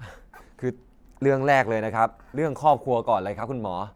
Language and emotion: Thai, neutral